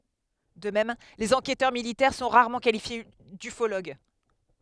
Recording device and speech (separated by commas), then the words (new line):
headset microphone, read sentence
De même, les enquêteurs militaires sont rarement qualifiés d'ufologues.